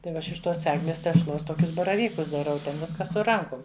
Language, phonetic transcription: Lithuanian, tai ˈva ˈaš iš ˈtos ˈegles tešˈlos ˈtokius baraˈvykus daˈrau ˈten ˈviska su ˈrankum

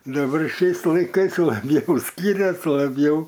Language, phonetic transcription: Lithuanian, daˈbar ˈšiais laiˈkais labˈjau ˈskyrias laˈbjau

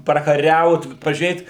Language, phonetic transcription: Lithuanian, prakaˈriaut pažiūˈrėt

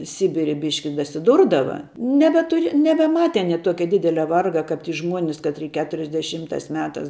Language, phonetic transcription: Lithuanian, ˈsibiri ˈbiški dasiˈdurdava nebeˈtur nebeˈmate aˈnie ˈtuokia ˈdidelia ˈvarga kap ˈžmuonis katˈry ˈketuriasdeˈšymtās ˈmetās

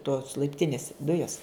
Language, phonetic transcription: Lithuanian, tos laipˈtinis ˈdujas

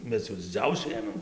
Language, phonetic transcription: Lithuanian, ˈmes jau diˈdziausiu ˈėmėm

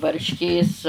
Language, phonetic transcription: Lithuanian, varšˈkės

